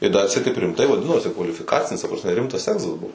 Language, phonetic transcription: Lithuanian, i da atˈseit taip rimˈtai vaˈdinosi kvalifiˈkacinis ta prasˈme ˈrimtas ˈegzas ˈbuo

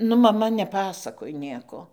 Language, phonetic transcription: Lithuanian, ˈnu maˈma neˈpasakoj ˈnieko

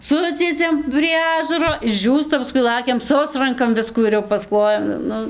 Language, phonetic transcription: Lithuanian, ˈsuciesiam prie ˈažaro išˈdžiūsta paˈskui ˈlakiam ˈsusrankam ˈviskų ir jau pasˈklojam ˈnu

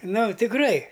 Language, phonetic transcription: Lithuanian, ˈnu tikˈrai

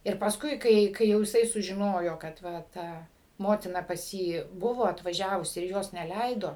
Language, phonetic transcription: Lithuanian, ir pasˈkui ˈkai ˈkai jau jiˈsai sužiˈnojo kad ˈva ˈta ˈmotina pas ˈjį ˈbuvo atvaˈžiavus ir ˈjos neˈleido

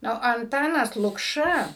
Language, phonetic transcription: Lithuanian, ˈnu anˈtanas lukˈša

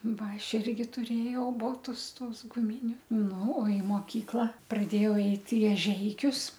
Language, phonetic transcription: Lithuanian, ˈva ˈaš irgi tuˈrėjau ˈbotus ˈtuos guˈminiu ˈnu i moˈkykla praˈdėjau ˈeit i eˈžeikius

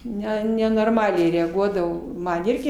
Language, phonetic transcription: Lithuanian, ˈne nenorˈmaliai reaˈguodavo ˈman ˈirgi

